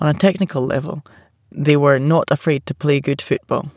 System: none